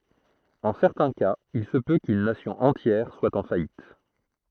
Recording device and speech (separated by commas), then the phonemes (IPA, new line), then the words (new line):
throat microphone, read sentence
ɑ̃ sɛʁtɛ̃ kaz il sə pø kyn nasjɔ̃ ɑ̃tjɛʁ swa ɑ̃ fajit
En certains cas, il se peut qu'une Nation entière soit en faillite.